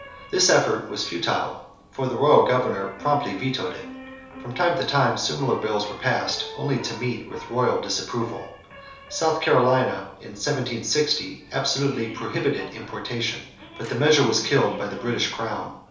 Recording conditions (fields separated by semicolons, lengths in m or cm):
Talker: one person; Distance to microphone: 3.0 m; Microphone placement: far; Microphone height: 1.8 m; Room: small (3.7 m by 2.7 m); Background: television